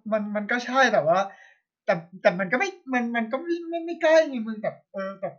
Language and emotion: Thai, frustrated